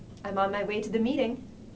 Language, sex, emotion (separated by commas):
English, female, happy